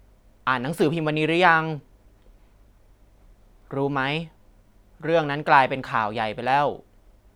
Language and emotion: Thai, frustrated